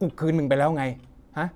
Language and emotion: Thai, frustrated